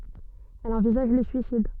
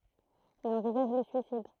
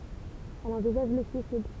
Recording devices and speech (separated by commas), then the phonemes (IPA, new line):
soft in-ear microphone, throat microphone, temple vibration pickup, read sentence
ɛl ɑ̃vizaʒ lə syisid